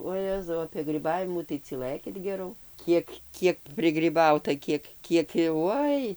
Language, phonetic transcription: Lithuanian, oˈjezau apie gryˈbavimų tai cyˈlɘkit geˈrau ˈkiek ˈkiek prigryˈbauta ˈkiek ˈkiek jau ˈoi

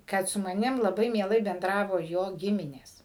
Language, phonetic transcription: Lithuanian, ˈkad su maˈnim laˈbai mieˈlai benˈdravo jo ˈgiminės

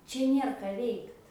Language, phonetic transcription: Lithuanian, ˈčia ˈnėr ka ˈveikt

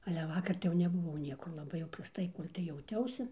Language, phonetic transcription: Lithuanian, ale ˈvakar tai jau nebuˈvau ˈniekur laˈbai jau prasˈtai ˈkol' tai jauˈtiausi

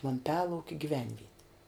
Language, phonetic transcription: Lithuanian, vamˈpialaukia gyˈvenvieti

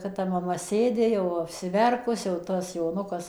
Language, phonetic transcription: Lithuanian, ˌkad ta maˈma ˈsėdi jau apsiˈverkus jau ˈtas joˈnukas

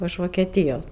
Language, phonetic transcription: Lithuanian, iš vokeˈtyjos

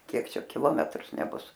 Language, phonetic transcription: Lithuanian, ˈkiek ˈčia kiˈlometrus neˈbus

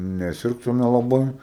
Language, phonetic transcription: Lithuanian, neˈsirgtume laˈbai

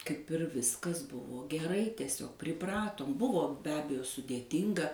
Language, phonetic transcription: Lithuanian, kaip ir ˈviskas ˈbuvo geˈrai tieˈsiog priˈpratom ˈbuvo be ˈabejo sudėˈtinga

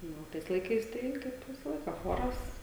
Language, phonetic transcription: Lithuanian, ˈnu o ˈtais laiˈkais ˈtai kaip ˈvisa ˈlaika ˈchoras

